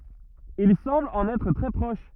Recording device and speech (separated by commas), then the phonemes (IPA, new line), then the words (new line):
rigid in-ear microphone, read sentence
il sɑ̃bl ɑ̃n ɛtʁ tʁɛ pʁɔʃ
Il semble en être très proche.